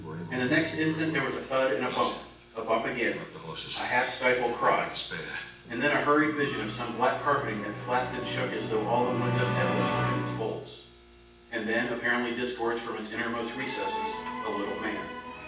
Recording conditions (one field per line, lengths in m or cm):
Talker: one person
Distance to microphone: 9.8 m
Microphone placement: far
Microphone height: 1.8 m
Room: large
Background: television